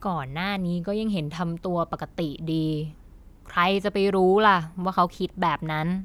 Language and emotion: Thai, frustrated